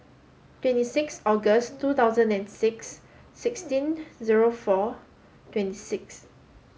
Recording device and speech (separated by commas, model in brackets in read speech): mobile phone (Samsung S8), read sentence